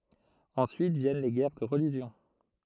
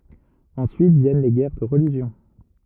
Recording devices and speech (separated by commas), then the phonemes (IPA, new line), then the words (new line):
throat microphone, rigid in-ear microphone, read sentence
ɑ̃syit vjɛn le ɡɛʁ də ʁəliʒjɔ̃
Ensuite viennent les guerres de religion.